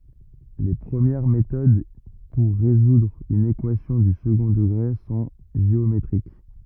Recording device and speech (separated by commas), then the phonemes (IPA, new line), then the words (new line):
rigid in-ear microphone, read sentence
le pʁəmjɛʁ metod puʁ ʁezudʁ yn ekwasjɔ̃ dy səɡɔ̃ dəɡʁe sɔ̃ ʒeometʁik
Les premières méthodes pour résoudre une équation du second degré sont géométriques.